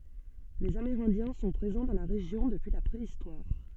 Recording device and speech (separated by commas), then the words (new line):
soft in-ear microphone, read sentence
Les Amérindiens sont présents dans la région depuis la préhistoire.